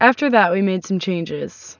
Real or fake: real